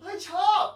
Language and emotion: Thai, happy